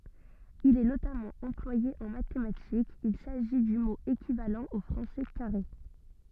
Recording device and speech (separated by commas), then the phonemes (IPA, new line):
soft in-ear microphone, read sentence
il ɛ notamɑ̃ ɑ̃plwaje ɑ̃ matematikz il saʒi dy mo ekivalɑ̃ o fʁɑ̃sɛ kaʁe